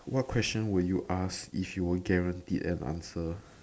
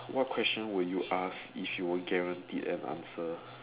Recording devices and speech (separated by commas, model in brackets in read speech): standing microphone, telephone, conversation in separate rooms